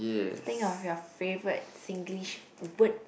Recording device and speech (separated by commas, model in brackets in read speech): boundary microphone, conversation in the same room